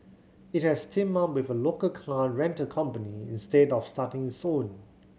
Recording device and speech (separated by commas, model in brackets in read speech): mobile phone (Samsung C7100), read sentence